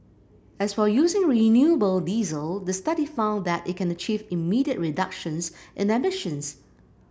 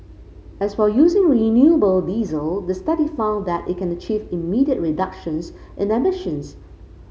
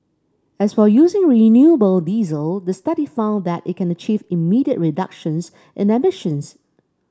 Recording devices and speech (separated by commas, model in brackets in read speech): boundary microphone (BM630), mobile phone (Samsung C5), standing microphone (AKG C214), read sentence